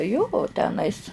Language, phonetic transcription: Lithuanian, jo o teˈnais

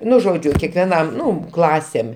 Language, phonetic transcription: Lithuanian, ˈnu ˈžodžiu kekveˈnam ˈnu ˈklasėm

